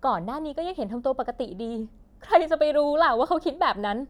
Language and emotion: Thai, sad